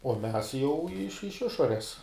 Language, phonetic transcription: Lithuanian, uo ˈmes jau iš iš ˈišores

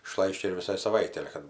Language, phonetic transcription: Lithuanian, iˈšlaiščia ir viˈsai saˈvaitei ˈale kad

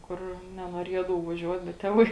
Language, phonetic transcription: Lithuanian, ˈkur nenuoˈriedavau vaˈžiuot bet ˈtėˌvai

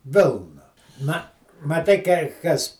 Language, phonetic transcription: Lithuanian, ˈvilna na maˈtai kai ˈkas

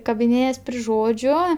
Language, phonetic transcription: Lithuanian, kabiˈnėjas pri ˈžodžiu

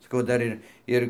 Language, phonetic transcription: Lithuanian, saˈkau ˈdar ir ˈir

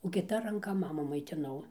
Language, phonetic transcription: Lithuanian, o kiˈta ranˈka ˈmamų maitiˈnau

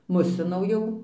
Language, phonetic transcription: Lithuanian, ˈmusinau ˈjau

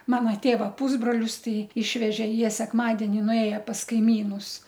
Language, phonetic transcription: Lithuanian, ˈmana ˈtėva ˈpūsbrolius ˈtai ˈišvežė ˈjie sekˈmadeni nuˈėja pas kaiˈmynus

